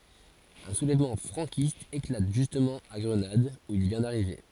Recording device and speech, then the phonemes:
forehead accelerometer, read sentence
œ̃ sulɛvmɑ̃ fʁɑ̃kist eklat ʒystmɑ̃ a ɡʁənad u il vjɛ̃ daʁive

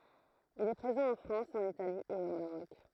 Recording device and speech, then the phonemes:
throat microphone, read sentence
il ɛ pʁezɑ̃ ɑ̃ fʁɑ̃s ɑ̃n itali e o maʁɔk

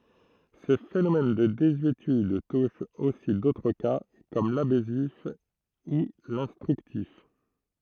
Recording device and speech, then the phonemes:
throat microphone, read sentence
sə fenomɛn də dezyetyd tuʃ osi dotʁ ka kɔm labɛsif u lɛ̃stʁyktif

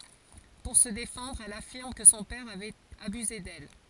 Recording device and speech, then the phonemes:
forehead accelerometer, read sentence
puʁ sə defɑ̃dʁ ɛl afiʁm kə sɔ̃ pɛʁ avɛt abyze dɛl

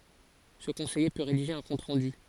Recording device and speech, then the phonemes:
forehead accelerometer, read sentence
sə kɔ̃sɛje pø ʁediʒe œ̃ kɔ̃t ʁɑ̃dy

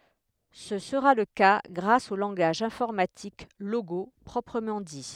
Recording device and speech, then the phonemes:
headset microphone, read sentence
sə səʁa lə ka ɡʁas o lɑ̃ɡaʒ ɛ̃fɔʁmatik loɡo pʁɔpʁəmɑ̃ di

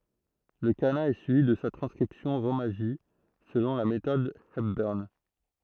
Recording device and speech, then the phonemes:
throat microphone, read sentence
lə kana ɛ syivi də sa tʁɑ̃skʁipsjɔ̃ ʁomaʒi səlɔ̃ la metɔd ɛpbœʁn

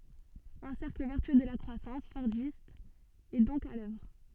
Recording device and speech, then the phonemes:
soft in-ear microphone, read sentence
œ̃ sɛʁkl vɛʁtyø də la kʁwasɑ̃s fɔʁdist ɛ dɔ̃k a lœvʁ

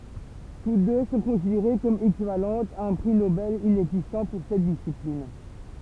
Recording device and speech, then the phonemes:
temple vibration pickup, read sentence
tut dø sɔ̃ kɔ̃sideʁe kɔm ekivalɑ̃tz a œ̃ pʁi nobɛl inɛɡzistɑ̃ puʁ sɛt disiplin

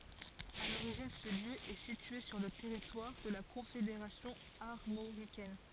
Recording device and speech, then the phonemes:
forehead accelerometer, read sentence
a loʁiʒin sə ljø ɛ sitye syʁ lə tɛʁitwaʁ də la kɔ̃fedeʁasjɔ̃ aʁmoʁikɛn

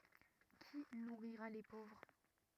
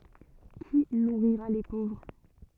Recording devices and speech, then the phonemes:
rigid in-ear microphone, soft in-ear microphone, read sentence
ki nuʁiʁa le povʁ

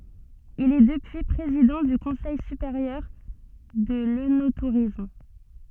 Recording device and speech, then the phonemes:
soft in-ear microphone, read sentence
il ɛ dəpyi pʁezidɑ̃ dy kɔ̃sɛj sypeʁjœʁ də lønotuʁism

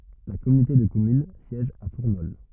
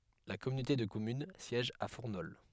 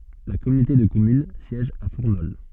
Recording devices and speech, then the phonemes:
rigid in-ear microphone, headset microphone, soft in-ear microphone, read sentence
la kɔmynote də kɔmyn sjɛʒ a fuʁnɔl

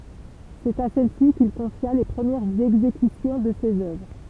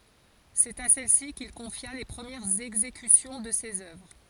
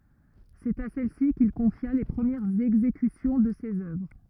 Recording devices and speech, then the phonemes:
temple vibration pickup, forehead accelerometer, rigid in-ear microphone, read sentence
sɛt a sɛlsi kil kɔ̃fja le pʁəmjɛʁz ɛɡzekysjɔ̃ də sez œvʁ

